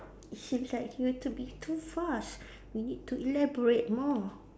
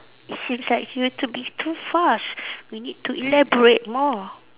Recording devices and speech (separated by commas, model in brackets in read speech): standing microphone, telephone, conversation in separate rooms